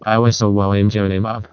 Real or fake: fake